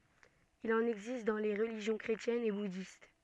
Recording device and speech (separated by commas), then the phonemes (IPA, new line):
soft in-ear microphone, read sentence
il ɑ̃n ɛɡzist dɑ̃ le ʁəliʒjɔ̃ kʁetjɛnz e budist